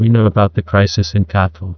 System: TTS, neural waveform model